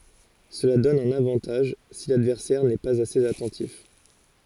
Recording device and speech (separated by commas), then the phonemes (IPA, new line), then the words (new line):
forehead accelerometer, read sentence
səla dɔn œ̃n avɑ̃taʒ si ladvɛʁsɛʁ nɛ paz asez atɑ̃tif
Cela donne un avantage si l'adversaire n'est pas assez attentif.